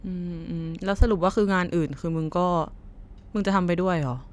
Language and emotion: Thai, frustrated